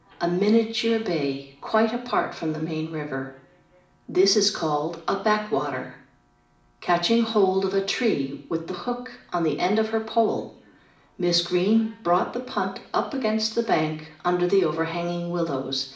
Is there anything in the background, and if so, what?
A television.